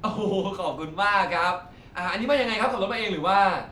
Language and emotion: Thai, happy